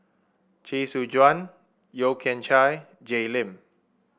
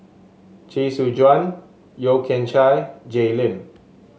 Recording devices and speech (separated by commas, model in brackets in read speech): boundary microphone (BM630), mobile phone (Samsung S8), read sentence